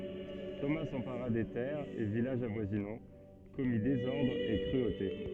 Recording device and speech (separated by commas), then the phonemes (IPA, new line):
soft in-ear microphone, read sentence
toma sɑ̃paʁa de tɛʁz e vilaʒz avwazinɑ̃ kɔmi dezɔʁdʁz e kʁyote